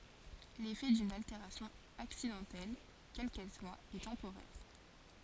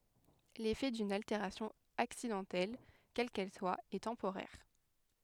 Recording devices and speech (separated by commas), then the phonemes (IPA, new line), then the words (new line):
forehead accelerometer, headset microphone, read sentence
lefɛ dyn alteʁasjɔ̃ aksidɑ̃tɛl kɛl kɛl swa ɛ tɑ̃poʁɛʁ
L'effet d'une altération accidentelle, quelle qu'elle soit, est temporaire.